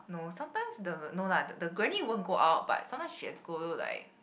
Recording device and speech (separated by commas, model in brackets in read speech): boundary microphone, conversation in the same room